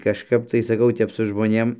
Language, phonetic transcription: Lithuanian, kažˈkap tai saˈkau ˈtep su žmoˈnėm

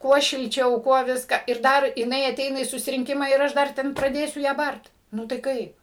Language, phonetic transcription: Lithuanian, ˈkuo šilˈčiau ˈkuo ˈviska ir ˈdar jiˈnai aˈteina į susirinˈkimą ir ˈaš ˈdar ˈten praˈdėsiu ˈją ˈbart ˈnu tai ˈkaip

